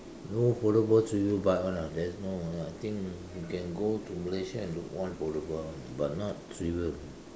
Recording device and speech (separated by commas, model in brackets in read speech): standing microphone, conversation in separate rooms